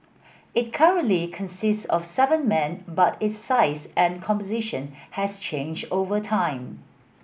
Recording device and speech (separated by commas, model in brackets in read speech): boundary microphone (BM630), read sentence